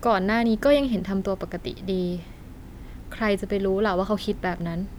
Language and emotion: Thai, neutral